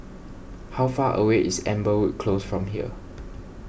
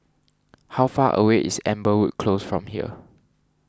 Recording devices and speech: boundary microphone (BM630), standing microphone (AKG C214), read sentence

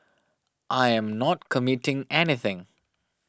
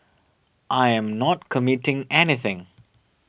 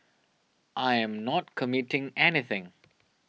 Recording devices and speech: standing microphone (AKG C214), boundary microphone (BM630), mobile phone (iPhone 6), read sentence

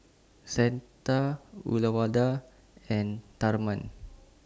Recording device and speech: standing microphone (AKG C214), read sentence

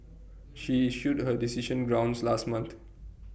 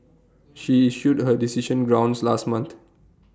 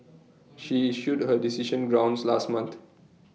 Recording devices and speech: boundary microphone (BM630), standing microphone (AKG C214), mobile phone (iPhone 6), read sentence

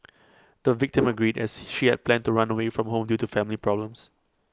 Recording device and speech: close-talking microphone (WH20), read sentence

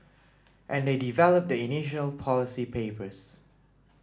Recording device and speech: standing microphone (AKG C214), read sentence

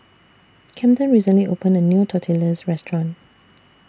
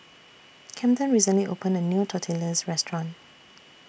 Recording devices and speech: standing microphone (AKG C214), boundary microphone (BM630), read sentence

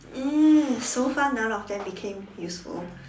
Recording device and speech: standing microphone, conversation in separate rooms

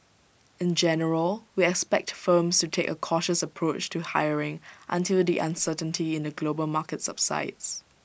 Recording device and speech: boundary microphone (BM630), read sentence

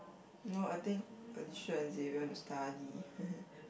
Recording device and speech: boundary microphone, conversation in the same room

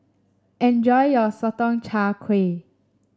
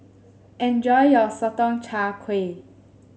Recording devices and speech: standing microphone (AKG C214), mobile phone (Samsung S8), read sentence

